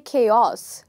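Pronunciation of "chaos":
'Chaos' is pronounced incorrectly here.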